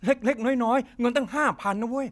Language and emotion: Thai, angry